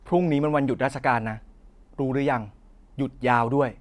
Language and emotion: Thai, neutral